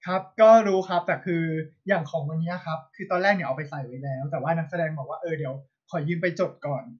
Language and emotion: Thai, frustrated